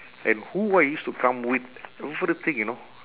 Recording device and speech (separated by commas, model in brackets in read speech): telephone, conversation in separate rooms